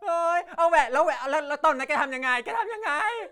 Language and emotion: Thai, happy